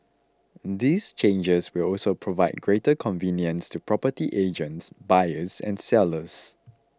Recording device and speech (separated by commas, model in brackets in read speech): close-talking microphone (WH20), read sentence